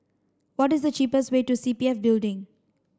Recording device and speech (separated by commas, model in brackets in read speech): standing microphone (AKG C214), read sentence